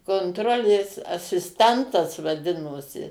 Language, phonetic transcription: Lithuanian, konˈtrolės asisˈtentas vaˈdinosi

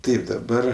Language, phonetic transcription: Lithuanian, ˈtaip daˈbar

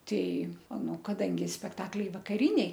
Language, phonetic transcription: Lithuanian, ˈtei ˈnu kaˈdangi spekˈtakliai vakaˈriniai

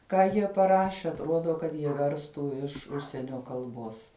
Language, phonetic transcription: Lithuanian, ˈką jie paˈraše atˈrodo kad jie ˈverstų iš ˈužsienio kalˈbos

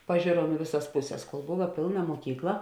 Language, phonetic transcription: Lithuanian, paˈžėrom i ˈviˌsas ˈpuˌses kol ˈbova ˈpėlˌna muoˈkykla

